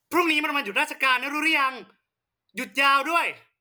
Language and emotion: Thai, angry